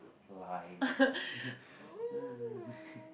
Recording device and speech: boundary microphone, conversation in the same room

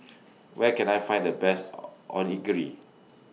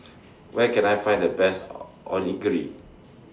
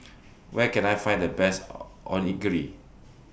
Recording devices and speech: mobile phone (iPhone 6), standing microphone (AKG C214), boundary microphone (BM630), read sentence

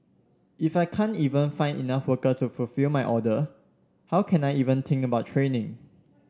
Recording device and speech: standing microphone (AKG C214), read sentence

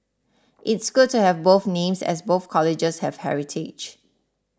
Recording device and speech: standing microphone (AKG C214), read sentence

